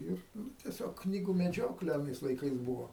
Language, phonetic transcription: Lithuanian, ˈir ˈnu teˈsiog ˈknygu meˈdžiokle aˈnais laiˈkais ˈbuvo

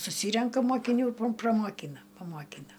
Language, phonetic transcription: Lithuanian, suˈsyrenka mokiˈnių pro pramoˈkyna pamoˈkyna

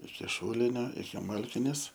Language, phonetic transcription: Lithuanian, iki ˈšūlinio iki ˈmalkinės

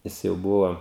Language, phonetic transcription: Lithuanian, ˈjis jau ˈbuvo

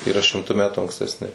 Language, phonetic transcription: Lithuanian, yˈra šimˈtu ˈmetu ankstesˈni

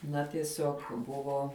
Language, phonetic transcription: Lithuanian, ˈna tieˈsiog ˈbuvo

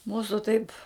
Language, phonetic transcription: Lithuanian, ˈmūsu taip

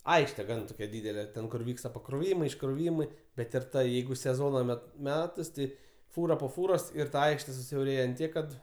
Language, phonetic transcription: Lithuanian, ˈaikšte ˈgan toˈkia ˈdydele ˈten kur ˈvyksta pakroˈvymai iškroˈvymai bet ir ˈta ˈjeigu seˈzona ˈmet ˈmetas ˈti ˈfūra po ˈfūros ir ta ˈaikšte susiauˈrėja ant ˈtiek kad

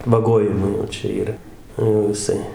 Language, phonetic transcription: Lithuanian, vaˈgojimui jau ˈčia yˈra jau jiˈsai

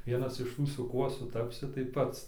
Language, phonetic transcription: Lithuanian, ˈvienas iš ˈtų su ˈkuo suˈtapsi tai ˈpats

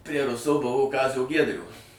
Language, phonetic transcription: Lithuanian, prie ˈruso ˈbuvo ˈkazio ˈgiedrio

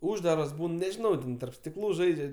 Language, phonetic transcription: Lithuanian, ˈūždaras ˈbūn nežiˈnau ˈten tarp stiˈklų ˈžaidžia

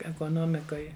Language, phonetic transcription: Lithuanian, ekoˈnomikoj

